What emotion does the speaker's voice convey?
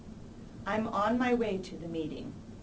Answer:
neutral